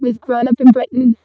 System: VC, vocoder